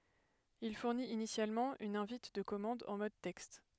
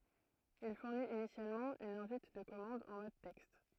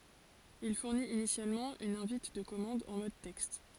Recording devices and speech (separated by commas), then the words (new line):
headset microphone, throat microphone, forehead accelerometer, read sentence
Il fournit initialement une invite de commande en mode texte.